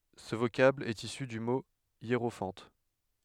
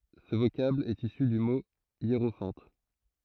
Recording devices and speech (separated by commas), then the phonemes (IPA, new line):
headset microphone, throat microphone, read sentence
sə vokabl ɛt isy dy mo jeʁofɑ̃t